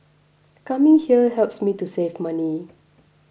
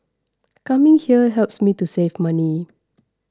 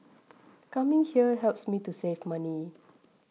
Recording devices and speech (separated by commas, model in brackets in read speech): boundary microphone (BM630), standing microphone (AKG C214), mobile phone (iPhone 6), read sentence